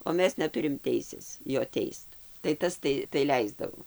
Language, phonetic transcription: Lithuanian, o ˈmes neˈturim ˈteisės ˈjo ˈteist tai ˈtas tai tai ˈleisdavo

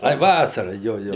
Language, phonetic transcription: Lithuanian, ˈai ˈvasara ˈjo ˈjo

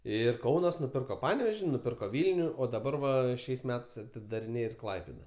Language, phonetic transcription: Lithuanian, ˈir ˈkaunas nuˈpirko ˈpaneveži nuˈpirko ˈvylniu o daˈbar va ˈšiais ˈmetais atidariˈnėj ir ˈklaipėda

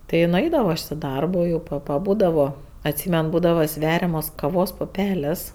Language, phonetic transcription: Lithuanian, ti i nuˈaidavo aš i ˈdarbo jau pa paˈbūdavo atˈsymen ˈbūdava ˈsveriamos kaˈvos puˈpelės

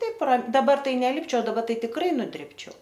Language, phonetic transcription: Lithuanian, ˈtaip ra daˈba ˈtai neˈlipčiau daˈba ˈtai tikˈrai nuˈdribčiau

